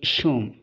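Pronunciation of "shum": In 'assume', a new sh sound is heard in the middle of the word.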